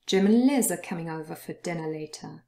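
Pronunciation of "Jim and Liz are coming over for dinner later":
In "Jim and Liz", "and" is not stressed and is said in its weak form, "an", with the d at the end dropped.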